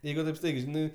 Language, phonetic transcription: Lithuanian, ˈjeigu taip ˈstaigiai ˈžinai

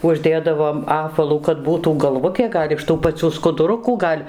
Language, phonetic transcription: Lithuanian, ˈužˈdėdavom ˈapvalų kad ˈbūtų galˈvutė ˈgal' iš ˈtų paˈcių skuduˈrukų ˈgal'

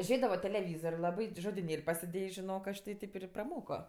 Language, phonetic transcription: Lithuanian, ˈžėdavo teleˈvyzor' ˈlabai ti žodiˈnėl' pasiˈdėjęs žiˈnok ˈaš ti ˈtip ir praˈmoko

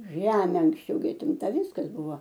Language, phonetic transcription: Lithuanian, ˈžemė anksˈčiau gi atˈimta ˈviskas ˈbuvo

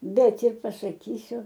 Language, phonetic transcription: Lithuanian, ˈbet ir pasaˈkysiu

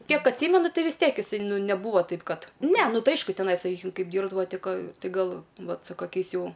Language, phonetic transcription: Lithuanian, ˈkiek atˈsymenu ˈtɨ vis ˈtiek iˈsai ˈnu neˈbūvo ˈtaip ˈkad ne ˈnu ˈtai ˈaišku teˈnai saˈkykim ˈkaip ˈdyrbdavo ˈti ˈka ˈti gal ˈvat su kaˈkiais ˈjau

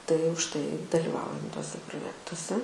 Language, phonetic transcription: Lithuanian, tai už ˈtai daliˈvaujam tuoˈse proˈjektuose

